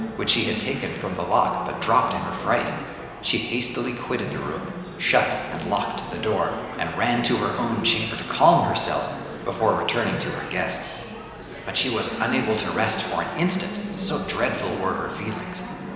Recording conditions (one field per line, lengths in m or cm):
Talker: one person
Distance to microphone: 1.7 m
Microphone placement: close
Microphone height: 1.0 m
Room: very reverberant, large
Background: babble